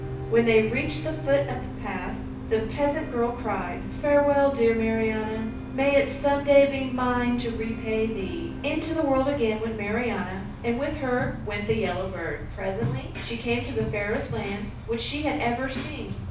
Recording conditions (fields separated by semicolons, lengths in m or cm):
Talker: one person; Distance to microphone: 5.8 m; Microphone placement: far; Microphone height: 1.8 m; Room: medium-sized (5.7 m by 4.0 m); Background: music